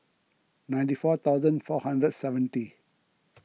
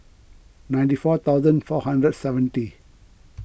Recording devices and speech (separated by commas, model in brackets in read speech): mobile phone (iPhone 6), boundary microphone (BM630), read sentence